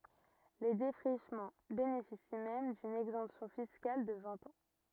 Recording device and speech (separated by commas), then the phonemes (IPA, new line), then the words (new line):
rigid in-ear microphone, read sentence
le defʁiʃmɑ̃ benefisi mɛm dyn ɛɡzɑ̃psjɔ̃ fiskal də vɛ̃t ɑ̃
Les défrichements bénéficient même d'une exemption fiscale de vingt ans.